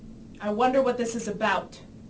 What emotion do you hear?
angry